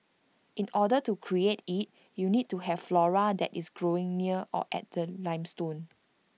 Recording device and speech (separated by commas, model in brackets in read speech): mobile phone (iPhone 6), read sentence